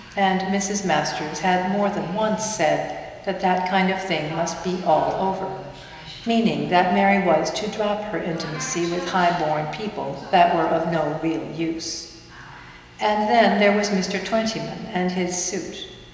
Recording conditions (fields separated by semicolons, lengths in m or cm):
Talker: one person; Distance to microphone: 1.7 m; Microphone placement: close; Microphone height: 1.0 m; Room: very reverberant, large; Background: television